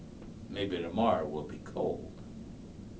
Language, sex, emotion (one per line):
English
male
neutral